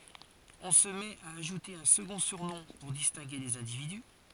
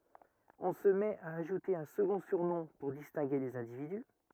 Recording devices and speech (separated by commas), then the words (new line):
forehead accelerometer, rigid in-ear microphone, read sentence
On se met à ajouter un second surnom pour distinguer les individus.